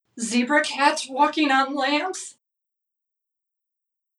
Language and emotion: English, fearful